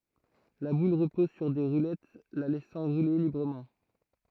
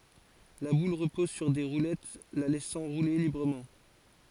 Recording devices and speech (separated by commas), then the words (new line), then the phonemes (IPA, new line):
throat microphone, forehead accelerometer, read sentence
La boule repose sur des roulettes la laissant rouler librement.
la bul ʁəpɔz syʁ de ʁulɛt la lɛsɑ̃ ʁule libʁəmɑ̃